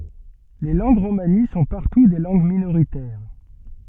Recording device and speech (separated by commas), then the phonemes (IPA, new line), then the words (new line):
soft in-ear microphone, read sentence
le lɑ̃ɡ ʁomani sɔ̃ paʁtu de lɑ̃ɡ minoʁitɛʁ
Les langues romanies sont partout des langues minoritaires.